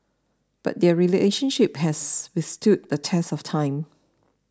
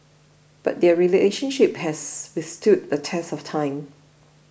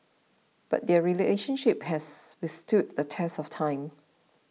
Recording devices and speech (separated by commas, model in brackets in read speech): standing microphone (AKG C214), boundary microphone (BM630), mobile phone (iPhone 6), read sentence